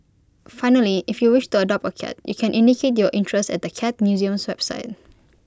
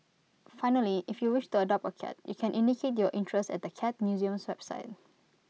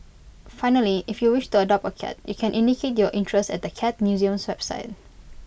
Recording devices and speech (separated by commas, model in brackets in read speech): close-talking microphone (WH20), mobile phone (iPhone 6), boundary microphone (BM630), read sentence